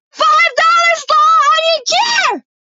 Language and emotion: English, neutral